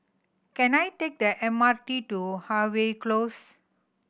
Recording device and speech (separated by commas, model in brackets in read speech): boundary microphone (BM630), read sentence